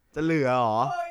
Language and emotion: Thai, frustrated